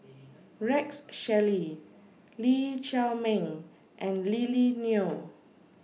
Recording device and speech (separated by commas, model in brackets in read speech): mobile phone (iPhone 6), read sentence